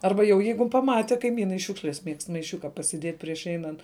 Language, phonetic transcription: Lithuanian, ˈarba jau ˈjeigu paˈmati kaiˈmynai ˈšiūkšles miegst maiˈšiuka pasiˈdiet' prieš ˈeinant

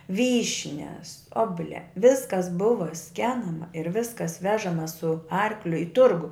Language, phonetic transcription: Lithuanian, ˈvyšnias ˈobuˌlia ˈviskas ˈbuva ˈskenama ir ˈviskas ˈvežama su ˈarkliu i ˈturgu

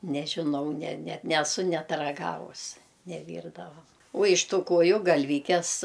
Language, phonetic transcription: Lithuanian, nežiˈnau ne ne neˈsu ˈnet raˈgavus neˈvyrdavam uo iš ˈtų ˈkuoju galˈvykes

